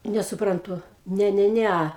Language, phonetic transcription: Lithuanian, nesuˈprantu ˈne ˈne ˈne

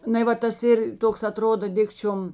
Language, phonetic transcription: Lithuanian, ˈnai ˈva tas ˈir ˈtoks aˈtrodo ˈdikčiom

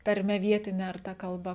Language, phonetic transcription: Lithuanian, tarˈme ˈvietine ar ˈta kalˈba

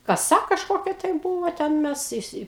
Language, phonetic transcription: Lithuanian, kaˈsa kažˈkokia tai ˈbūvo ˈten ˈmes iˈsi

